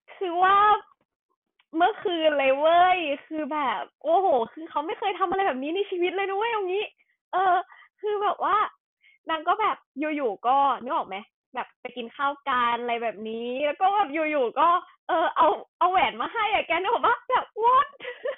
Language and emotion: Thai, happy